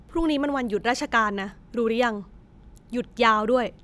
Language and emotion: Thai, frustrated